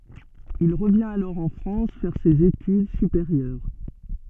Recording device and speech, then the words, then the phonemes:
soft in-ear microphone, read sentence
Il revient alors en France faire ses études supérieures.
il ʁəvjɛ̃t alɔʁ ɑ̃ fʁɑ̃s fɛʁ sez etyd sypeʁjœʁ

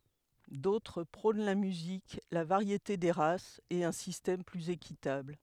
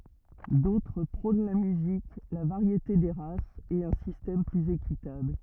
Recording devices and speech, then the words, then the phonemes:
headset microphone, rigid in-ear microphone, read sentence
D'autres prônent la musique, la variété des races, et un système plus équitable.
dotʁ pʁɔ̃n la myzik la vaʁjete de ʁasz e œ̃ sistɛm plyz ekitabl

